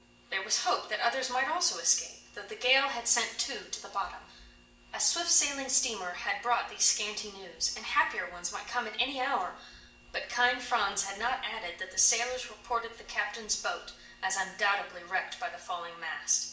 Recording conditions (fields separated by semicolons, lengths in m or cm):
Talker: one person; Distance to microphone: 1.8 m; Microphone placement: close; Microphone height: 1.0 m; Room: large; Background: none